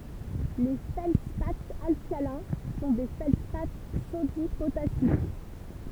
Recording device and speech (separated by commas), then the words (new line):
temple vibration pickup, read sentence
Les feldspaths alcalins sont des feldspaths sodi-potassiques.